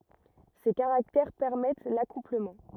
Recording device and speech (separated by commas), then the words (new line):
rigid in-ear microphone, read sentence
Ces caractères permettent l'accouplement.